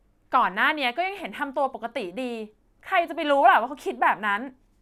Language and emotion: Thai, angry